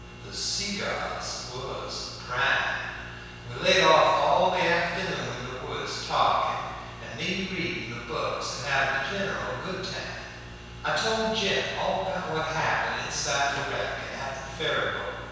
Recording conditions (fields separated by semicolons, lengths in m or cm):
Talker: one person; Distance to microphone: 7.1 m; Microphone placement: far; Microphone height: 1.7 m; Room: very reverberant, large; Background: none